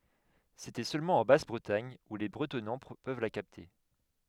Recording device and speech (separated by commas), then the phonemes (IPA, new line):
headset microphone, read sentence
setɛ sølmɑ̃ ɑ̃ bas bʁətaɲ u le bʁətɔnɑ̃ pøv la kapte